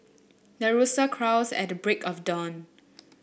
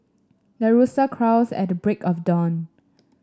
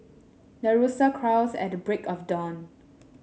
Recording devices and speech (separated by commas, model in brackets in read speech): boundary microphone (BM630), standing microphone (AKG C214), mobile phone (Samsung S8), read sentence